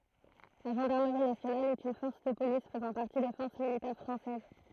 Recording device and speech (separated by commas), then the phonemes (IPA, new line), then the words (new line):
throat microphone, read sentence
la ʒɑ̃daʁməʁi nasjonal ɛt yn fɔʁs də polis fəzɑ̃ paʁti de fɔʁs militɛʁ fʁɑ̃sɛz
La Gendarmerie nationale est une force de police faisant partie des forces militaires française.